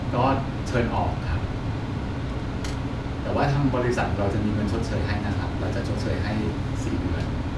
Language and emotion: Thai, neutral